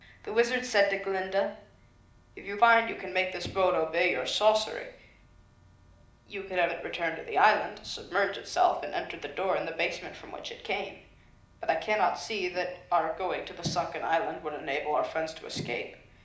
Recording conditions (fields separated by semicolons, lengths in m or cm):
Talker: one person; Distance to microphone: 2.0 m; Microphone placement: close; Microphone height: 99 cm; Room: medium-sized (5.7 m by 4.0 m); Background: none